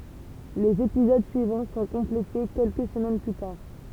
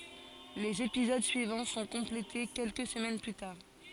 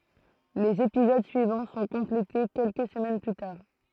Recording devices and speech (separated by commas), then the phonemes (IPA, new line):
temple vibration pickup, forehead accelerometer, throat microphone, read sentence
lez epizod syivɑ̃ sɔ̃ kɔ̃plete kɛlkə səmɛn ply taʁ